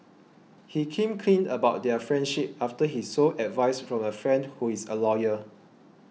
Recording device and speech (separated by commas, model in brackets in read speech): mobile phone (iPhone 6), read sentence